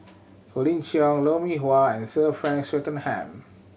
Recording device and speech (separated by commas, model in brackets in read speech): mobile phone (Samsung C7100), read sentence